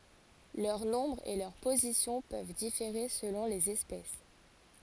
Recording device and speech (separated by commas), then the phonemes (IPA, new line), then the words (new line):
forehead accelerometer, read sentence
lœʁ nɔ̃bʁ e lœʁ pozisjɔ̃ pøv difeʁe səlɔ̃ lez ɛspɛs
Leur nombre et leur position peuvent différer selon les espèces.